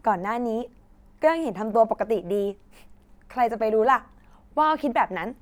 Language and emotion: Thai, happy